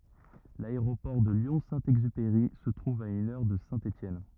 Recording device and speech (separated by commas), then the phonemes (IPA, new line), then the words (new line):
rigid in-ear microphone, read sentence
laeʁopɔʁ də ljɔ̃ sɛ̃ ɛɡzypeʁi sə tʁuv a yn œʁ də sɛ̃ etjɛn
L'aéroport de Lyon-Saint-Exupéry se trouve à une heure de Saint-Étienne.